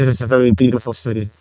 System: VC, vocoder